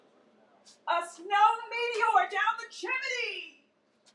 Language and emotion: English, surprised